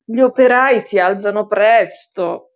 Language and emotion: Italian, disgusted